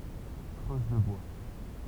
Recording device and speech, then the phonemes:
temple vibration pickup, read sentence
kʁøz lə bwa

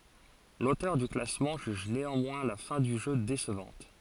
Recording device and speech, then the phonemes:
forehead accelerometer, read sentence
lotœʁ dy klasmɑ̃ ʒyʒ neɑ̃mwɛ̃ la fɛ̃ dy ʒø desəvɑ̃t

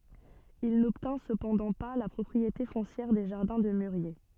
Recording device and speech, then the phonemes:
soft in-ear microphone, read sentence
il nɔbtɛ̃ səpɑ̃dɑ̃ pa la pʁɔpʁiete fɔ̃sjɛʁ de ʒaʁdɛ̃ də myʁje

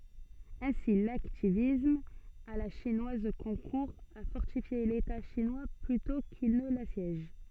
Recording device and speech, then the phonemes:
soft in-ear microphone, read sentence
ɛ̃si laktivism a la ʃinwaz kɔ̃kuʁ a fɔʁtifje leta ʃinwa plytɔ̃ kil nə lasjɛʒ

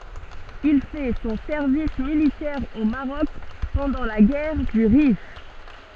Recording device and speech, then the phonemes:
soft in-ear microphone, read sentence
il fɛ sɔ̃ sɛʁvis militɛʁ o maʁɔk pɑ̃dɑ̃ la ɡɛʁ dy ʁif

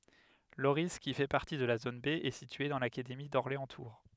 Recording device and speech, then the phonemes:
headset microphone, read sentence
loʁi ki fɛ paʁti də la zon be ɛ sitye dɑ̃ lakademi dɔʁleɑ̃stuʁ

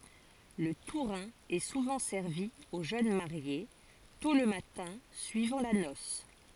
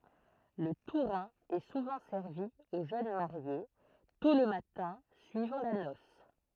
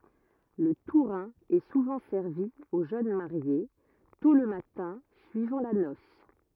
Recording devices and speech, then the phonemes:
forehead accelerometer, throat microphone, rigid in-ear microphone, read sentence
lə tuʁɛ̃ ɛ suvɑ̃ sɛʁvi o ʒøn maʁje tɔ̃ lə matɛ̃ syivɑ̃ la nɔs

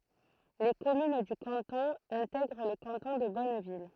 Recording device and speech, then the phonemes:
throat microphone, read sentence
le kɔmyn dy kɑ̃tɔ̃ ɛ̃tɛɡʁ lə kɑ̃tɔ̃ də bɔnvil

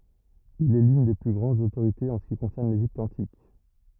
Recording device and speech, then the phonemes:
rigid in-ear microphone, read sentence
il ɛ lyn de ply ɡʁɑ̃dz otoʁitez ɑ̃ sə ki kɔ̃sɛʁn leʒipt ɑ̃tik

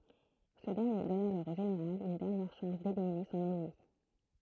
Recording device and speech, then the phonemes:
throat microphone, read sentence
sə dɛʁnje dɔn alɔʁ o ʒeneʁal yn dɛʁnjɛʁ ʃɑ̃s delimine sɔ̃n ɛnmi

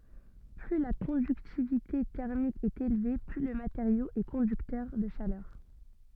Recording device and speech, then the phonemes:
soft in-ear microphone, read sentence
ply la kɔ̃dyktivite tɛʁmik ɛt elve ply lə mateʁjo ɛ kɔ̃dyktœʁ də ʃalœʁ

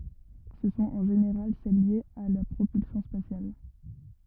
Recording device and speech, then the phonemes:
rigid in-ear microphone, read sentence
sə sɔ̃t ɑ̃ ʒeneʁal sɛl ljez a la pʁopylsjɔ̃ spasjal

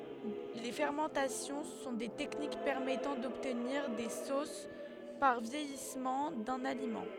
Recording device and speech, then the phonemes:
headset microphone, read sentence
le fɛʁmɑ̃tasjɔ̃ sɔ̃ de tɛknik pɛʁmɛtɑ̃ dɔbtniʁ de sos paʁ vjɛjismɑ̃ dœ̃n alimɑ̃

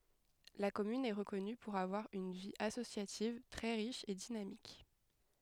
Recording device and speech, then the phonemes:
headset microphone, read sentence
la kɔmyn ɛ ʁəkɔny puʁ avwaʁ yn vi asosjativ tʁɛ ʁiʃ e dinamik

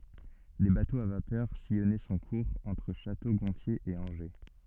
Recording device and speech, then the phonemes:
soft in-ear microphone, read sentence
de batoz a vapœʁ sijɔnɛ sɔ̃ kuʁz ɑ̃tʁ ʃato ɡɔ̃tje e ɑ̃ʒe

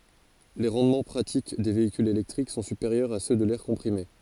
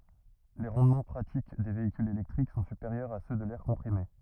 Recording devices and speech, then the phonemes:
forehead accelerometer, rigid in-ear microphone, read sentence
le ʁɑ̃dmɑ̃ pʁatik de veikylz elɛktʁik sɔ̃ sypeʁjœʁz a sø də lɛʁ kɔ̃pʁime

